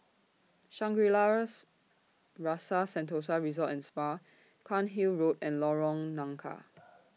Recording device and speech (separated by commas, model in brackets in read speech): mobile phone (iPhone 6), read sentence